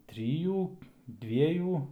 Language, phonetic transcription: Lithuanian, ˈtrijų ˈdviejų

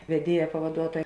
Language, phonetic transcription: Lithuanian, veˈdieja pavaˈduotoja

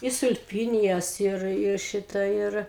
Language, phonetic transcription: Lithuanian, i sulˈpynijas ˈir ˈir ˈšita ˈir

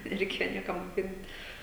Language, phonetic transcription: Lithuanian, nereiˈkėjo ˈniekam moˈkint

